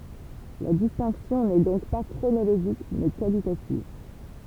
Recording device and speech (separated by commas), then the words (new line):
temple vibration pickup, read sentence
La distinction n'est donc pas chronologique mais qualitative.